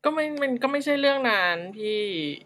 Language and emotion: Thai, frustrated